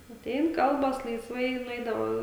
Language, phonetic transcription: Lithuanian, atˈein ˈkalbas laisˈvai i nuˈeidavo

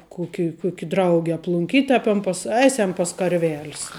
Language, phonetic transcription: Lithuanian, ˈkuki ˈkuki ˈdraugi aplunˈkyt' a pem pas ˈaisem pas karˈvel's

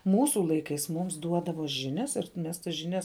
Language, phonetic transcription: Lithuanian, ˈmūsu ˈlaikais ˈmums ˈduodavo ˈžinias ir ˈmes tas žiˈnias

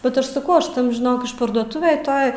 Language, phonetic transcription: Lithuanian, bet ˈaš saˈkau ˈaš ˈtam žiˈnok išparduoˈtuvėj ˈtoj

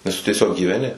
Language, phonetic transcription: Lithuanian, nes tu tieˈsiog gyveˈni

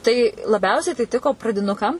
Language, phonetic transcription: Lithuanian, tai laˈbiausiai tai ˈtiko pradiˈnukam

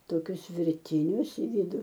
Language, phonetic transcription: Lithuanian, toˈkius virˈtinius i ˈvidu

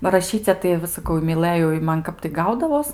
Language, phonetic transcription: Lithuanian, ba raˈšyce tai va saˈ kau i miˈlɘjau i ˈman ˈkap tai ˈgaudavos

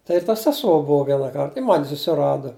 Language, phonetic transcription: Lithuanian, ˈtai ir ta seˈsuo ˈbuo ˈvieną ˈkart i ˈman' susiˈrada

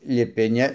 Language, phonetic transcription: Lithuanian, liˈpi ˈne

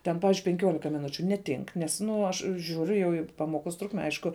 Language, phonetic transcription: Lithuanian, ten ˈpavižiui penˈkiuolika miˈnučiu neˈtink ˈnes ˈnu aš ˈžiūriu jau į ˈpamoˌkos ˈtrukme ˈaišku

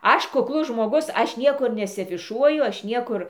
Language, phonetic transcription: Lithuanian, ˈaš kukˈlus žmoˈgus ˈaš ˈniekur nesiafiˈšuoju ˈaš ˈniekur

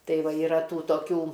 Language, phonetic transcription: Lithuanian, ˈtai ˈva yˈra ˈtų toˈkių

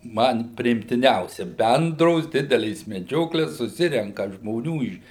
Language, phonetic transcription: Lithuanian, ˈman priimtiˈniausia ˈbendros ˈdidelės meˈdžioklės suˈsirenka žmoˈnių iš

